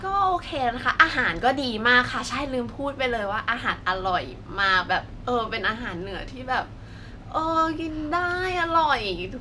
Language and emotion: Thai, happy